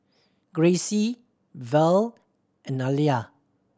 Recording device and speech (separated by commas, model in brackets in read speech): standing microphone (AKG C214), read sentence